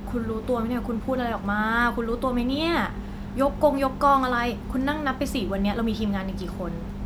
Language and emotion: Thai, frustrated